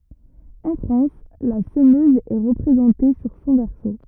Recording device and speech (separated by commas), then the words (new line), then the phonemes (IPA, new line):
rigid in-ear microphone, read sentence
En France, la semeuse est représentée sur son verso.
ɑ̃ fʁɑ̃s la səmøz ɛ ʁəpʁezɑ̃te syʁ sɔ̃ vɛʁso